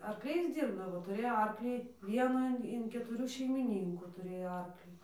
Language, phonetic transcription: Lithuanian, arkˈliais ˈdyrbdavo tuˈrėjo ˈarklį ˈvienų in ketuˈrių šeimiˈnynkų tuˈrėjo ˈarklį

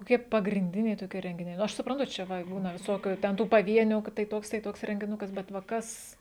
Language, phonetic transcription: Lithuanian, koˈkie pagrinˈdiniai toˈkie rengiˈniai nu ˈaš supranˈtu ˈčia ˈva ˈbūna viˈsokiu ten ˈtų paˈvienių ka tai ˈtoks tai ˈtoks rengiˈnukas bet va ˈkas

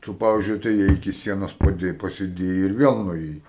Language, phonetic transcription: Lithuanian, ˈtu ˈpavizdžiui atėˈjai iki ˈsienos paˈdėj pasiˈdėjai ir ˈviel nuėˈjai

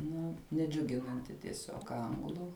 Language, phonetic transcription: Lithuanian, ˈnu neˈdžiuginanti tieˈsiog ˈanglu

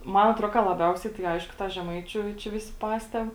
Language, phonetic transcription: Lithuanian, ˈman atˈro ka laˈbiausiai tai ˈaišku ˈtą žeˈmaičiu čia ˈvisi ˈpasteb

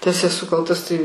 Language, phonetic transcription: Lithuanian, tas eˈsu ˈkaltas tai

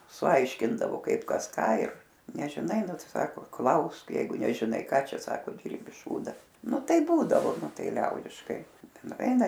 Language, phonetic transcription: Lithuanian, suˈaiškindavo ˈkaip ˈkas ˈką ir nežiˈnai ˈnu ˈtai ˈsako ˈklausk ˈjeigu nežiˈnai ˈką ˈčia ˈsako ˈdirbi ˈšūda ˈnu ˈtaip ˈbūdavo ˈnu ˈtai ˈliaudiškai nuˈveina

